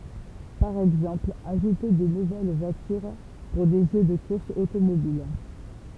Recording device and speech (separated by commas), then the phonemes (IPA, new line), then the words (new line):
temple vibration pickup, read sentence
paʁ ɛɡzɑ̃pl aʒute de nuvɛl vwatyʁ puʁ de ʒø də kuʁsz otomobil
Par exemple, ajouter des nouvelles voitures pour des jeux de courses automobiles.